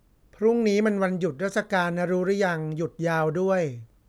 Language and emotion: Thai, neutral